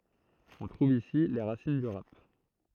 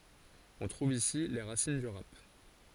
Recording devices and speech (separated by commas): throat microphone, forehead accelerometer, read sentence